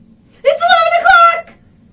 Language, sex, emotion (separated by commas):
English, female, happy